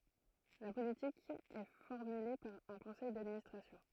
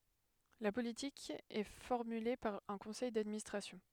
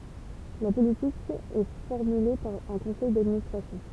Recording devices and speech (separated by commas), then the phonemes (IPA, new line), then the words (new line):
throat microphone, headset microphone, temple vibration pickup, read sentence
la politik ɛ fɔʁmyle paʁ œ̃ kɔ̃sɛj dadministʁasjɔ̃
La politique est formulée par un conseil d'administration.